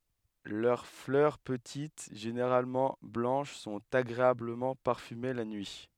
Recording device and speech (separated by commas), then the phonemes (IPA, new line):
headset microphone, read sentence
lœʁ flœʁ pətit ʒeneʁalmɑ̃ blɑ̃ʃ sɔ̃t aɡʁeabləmɑ̃ paʁfyme la nyi